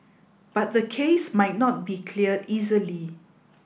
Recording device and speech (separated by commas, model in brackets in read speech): boundary microphone (BM630), read sentence